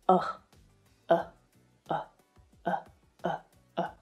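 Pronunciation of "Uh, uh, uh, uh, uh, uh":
The vowel sound said again and again here, 'uh', is the schwa.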